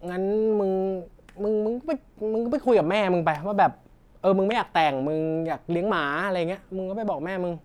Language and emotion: Thai, frustrated